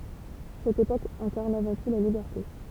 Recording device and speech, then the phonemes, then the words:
temple vibration pickup, read sentence
sɛt epok ɛ̃kaʁn avɑ̃ tu la libɛʁte
Cette époque incarne avant tout la liberté.

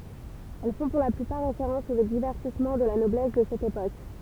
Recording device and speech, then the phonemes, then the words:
temple vibration pickup, read sentence
ɛl fɔ̃ puʁ la plypaʁ ʁefeʁɑ̃s o divɛʁtismɑ̃ də la nɔblɛs də sɛt epok
Elles font pour la plupart référence aux divertissements de la noblesse de cette époque.

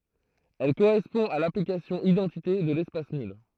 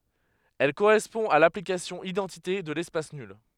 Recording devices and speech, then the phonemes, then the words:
throat microphone, headset microphone, read sentence
ɛl koʁɛspɔ̃ a laplikasjɔ̃ idɑ̃tite də lɛspas nyl
Elle correspond à l'application identité de l'espace nul.

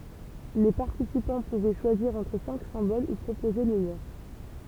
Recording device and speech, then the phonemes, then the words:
temple vibration pickup, read sentence
le paʁtisipɑ̃ puvɛ ʃwaziʁ ɑ̃tʁ sɛ̃k sɛ̃bol u pʁopoze lə løʁ
Les participants pouvaient choisir entre cinq symboles ou proposer le leur.

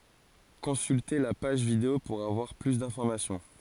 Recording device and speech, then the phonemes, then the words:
forehead accelerometer, read sentence
kɔ̃sylte la paʒ video puʁ avwaʁ ply dɛ̃fɔʁmasjɔ̃
Consulter la page vidéo pour avoir plus d'informations.

